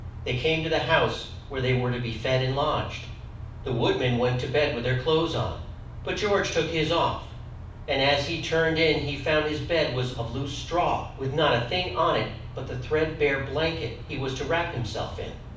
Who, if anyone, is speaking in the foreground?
One person.